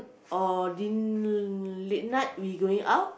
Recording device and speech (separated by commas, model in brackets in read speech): boundary microphone, conversation in the same room